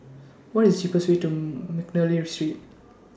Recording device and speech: standing microphone (AKG C214), read sentence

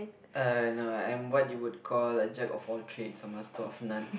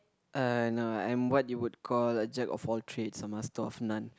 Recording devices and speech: boundary microphone, close-talking microphone, conversation in the same room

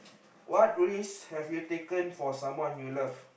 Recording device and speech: boundary microphone, conversation in the same room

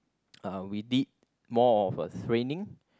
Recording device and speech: close-talking microphone, conversation in the same room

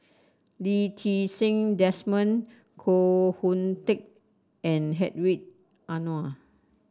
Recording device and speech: standing microphone (AKG C214), read sentence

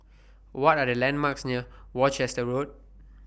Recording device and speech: boundary microphone (BM630), read sentence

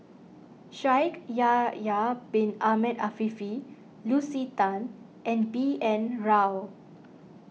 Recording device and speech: mobile phone (iPhone 6), read sentence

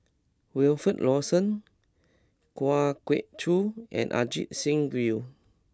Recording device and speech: close-talking microphone (WH20), read sentence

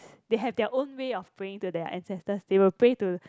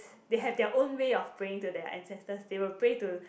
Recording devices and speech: close-talking microphone, boundary microphone, conversation in the same room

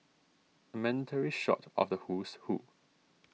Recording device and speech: mobile phone (iPhone 6), read sentence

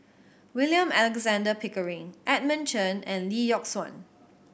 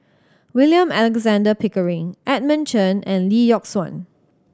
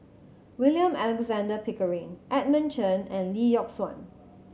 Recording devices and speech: boundary microphone (BM630), standing microphone (AKG C214), mobile phone (Samsung C7100), read sentence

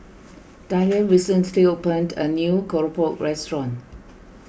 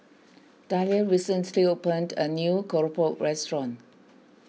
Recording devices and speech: boundary microphone (BM630), mobile phone (iPhone 6), read sentence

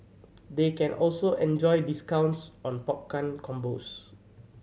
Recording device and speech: mobile phone (Samsung C7100), read sentence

